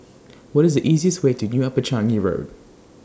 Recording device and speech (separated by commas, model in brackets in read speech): standing microphone (AKG C214), read sentence